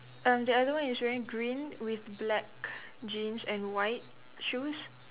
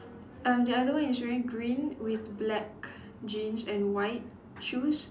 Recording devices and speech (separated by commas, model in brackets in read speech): telephone, standing microphone, conversation in separate rooms